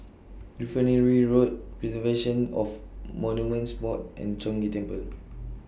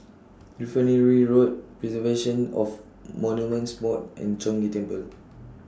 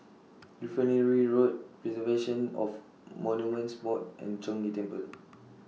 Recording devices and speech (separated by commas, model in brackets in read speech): boundary microphone (BM630), standing microphone (AKG C214), mobile phone (iPhone 6), read sentence